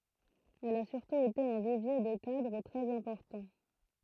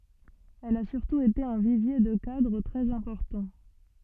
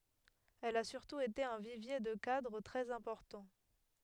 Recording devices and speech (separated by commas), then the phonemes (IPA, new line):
throat microphone, soft in-ear microphone, headset microphone, read sentence
ɛl a syʁtu ete œ̃ vivje də kadʁ tʁɛz ɛ̃pɔʁtɑ̃